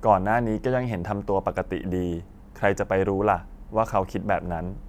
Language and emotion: Thai, neutral